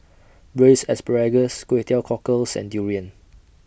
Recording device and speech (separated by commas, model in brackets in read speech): boundary microphone (BM630), read sentence